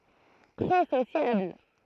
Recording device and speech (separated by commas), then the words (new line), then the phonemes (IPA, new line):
throat microphone, read sentence
Très sociable.
tʁɛ sosjabl